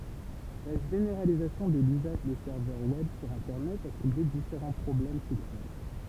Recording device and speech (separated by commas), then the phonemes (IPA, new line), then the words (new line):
temple vibration pickup, read sentence
la ʒeneʁalizasjɔ̃ də lyzaʒ de sɛʁvœʁ wɛb syʁ ɛ̃tɛʁnɛt a sulve difeʁɑ̃ pʁɔblɛm tɛknik
La généralisation de l'usage des serveurs web sur internet a soulevé différents problèmes techniques.